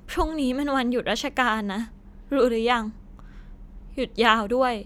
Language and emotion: Thai, sad